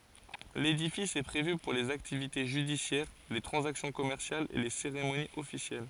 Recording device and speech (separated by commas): forehead accelerometer, read sentence